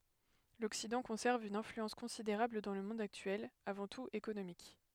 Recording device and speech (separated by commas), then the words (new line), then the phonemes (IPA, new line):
headset microphone, read sentence
L'Occident conserve une influence considérable dans le monde actuel, avant tout économique.
lɔksidɑ̃ kɔ̃sɛʁv yn ɛ̃flyɑ̃s kɔ̃sideʁabl dɑ̃ lə mɔ̃d aktyɛl avɑ̃ tut ekonomik